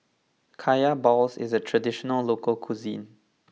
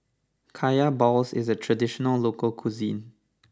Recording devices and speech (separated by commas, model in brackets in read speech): mobile phone (iPhone 6), standing microphone (AKG C214), read sentence